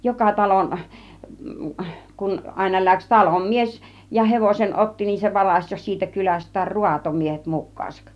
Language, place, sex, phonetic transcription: Finnish, Kiihtelysvaara, female, 'joka 'talon , kun 'àina 'läks 'talom 'mies , ja 'hevosen "ˀotti nin se 'varaś jo siitä 'kyläst̆täär "ruatomiehet 'muk̆kaasak .
- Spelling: joka talon kun aina lähti talon mies ja hevosen otti niin se varasi jo siitä kylästään raatomiehet mukaansa

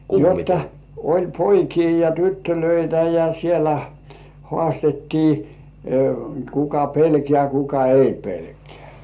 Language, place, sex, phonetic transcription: Finnish, Kurkijoki, male, jotta , oĺ "poikii ja "tyttölöitä ja 'sielä "hŏàstettii , 'kuka "pelkeä kuka "ei 'pelkᴇᴀ̈§ .
- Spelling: jotta oli poikia ja tyttöjä ja siellä haastettiin kuka pelkää kuka ei pelkää

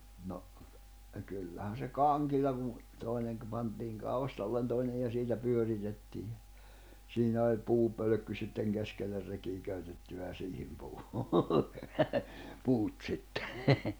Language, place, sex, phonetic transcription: Finnish, Jämsä, male, no , 'kyllähän̬ se "kaŋkilla kun , 'tòineŋ ‿kpantiiŋ 'kaustallen toinej ja 'siitä 'pyöritettii ja , 'siinä oĺ 'puu'pölᵒ̈kky sitteŋ 'keskeller rekii 'köytetty ja 'siihim 'puu , 'puut sittᴇ .
- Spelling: no kyllähän se kangilla kun toinen pantiin kaustalle toinen ja siitä pyöritettiin ja siinä oli puupölkky sitten keskelle rekeä köytetty ja siihen puu puut sitten

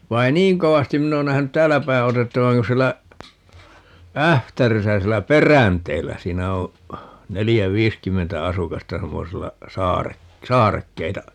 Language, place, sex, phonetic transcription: Finnish, Paavola, male, 'vai e "niiŋ 'kovastin "minn ‿oon 'nähänyt "täällä päi 'otettavaŋ kun̬ 'siellä , "Ähtärisä 'siellä "Peränteellä - 'siinä oo̰ , 'nelijä "viiskymmentä 'asukasta 'semmosella , "saare- , "saarekkeita ,.
- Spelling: vaan en niin kovasti minä ole nähnyt täällä päin otettavan kun siellä Ähtärissä siellä Peränteellä siinä on neljä viisikymmentä asukasta semmoisella - saarekkeita

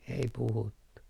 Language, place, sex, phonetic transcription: Finnish, Artjärvi, male, ei puhuttu .
- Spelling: ei puhuttu

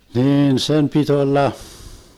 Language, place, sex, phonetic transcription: Finnish, Vermlanti, male, 'niin "sem pit 'olla ,.
- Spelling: niin sen piti olla

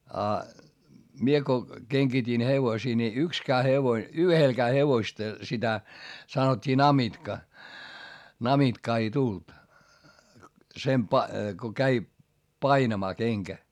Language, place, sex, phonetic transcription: Finnish, Hietamäki, male, a , mie ko , keŋGitin hevosii ni ykskää hevoⁱ , yhelkää hevoⁱsta sitä , sanot́t́ii namitka , namitkaa ei tult , sem pa- , ko käi , painamaa keŋkä .
- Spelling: ja minä kun kengitin hevosia niin yksikään hevonen yhdelläkään hevosista sitä sanottiin namitka namitkaa ei tullut sen - kun kävi painamaan kenkä

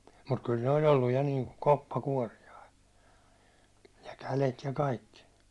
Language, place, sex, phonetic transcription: Finnish, Hollola, male, mut kyl ne oĺ olluj ja niiŋku "koppa'kuårijai , ja 'kälet ja 'kaikki .
- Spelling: mutta kyllä ne oli ollut ja niin kuin koppakuoriaisia ja kädet ja kaikki

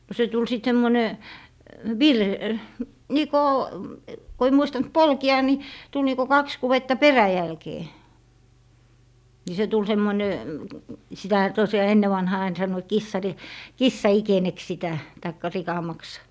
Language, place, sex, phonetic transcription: Finnish, Lappee, female, no 'se tul 'sit 'semmone , "vir- , 'nìkò , ko ei 'muistant "polki̮₍a ni , 'tul niko 'kaks 'kuwetta "peräjälkee , ni se tul 'semmoⁱne , 'sitähä tosjaa 'enne vanhaa ain 'sannoit "kissari- , "kissaikeneks sitä , taikka 'rikamaks .
- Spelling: no se tuli sitten semmoinen - niin kuin kun ei muistanut polkea niin tuli niin kuin kaksi kudetta peräjälkeen niin se tuli semmoinen sitähän tosiaan ennen vanhaan aina sanoivat - kissanikeneksi sitä tai rikamaksi

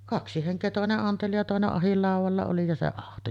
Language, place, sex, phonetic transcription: Finnish, Sotkamo, female, 'kaksi heŋk̀ee "tòene’ ’anteli ja 'tòene’ ’ahillàuvalla oli ja se 'ahto .
- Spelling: kaksi henkeä toinen anteli ja toinen ahdinlaudalla oli ja se ahtoi

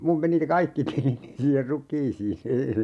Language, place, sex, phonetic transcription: Finnish, Urjala, male, 'mum meni (ne) "kaikki tilini siiher "ruk̀iisii ( - -) , .
- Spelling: minun meni ne kaikki tilini siihen rukiisiin -

